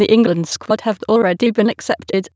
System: TTS, waveform concatenation